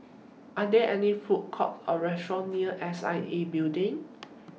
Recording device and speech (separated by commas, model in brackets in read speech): mobile phone (iPhone 6), read sentence